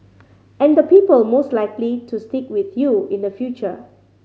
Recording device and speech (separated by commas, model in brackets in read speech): mobile phone (Samsung C5010), read sentence